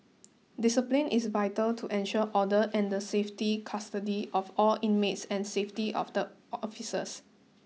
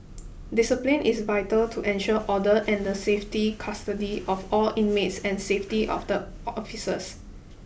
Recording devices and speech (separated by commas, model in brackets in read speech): mobile phone (iPhone 6), boundary microphone (BM630), read sentence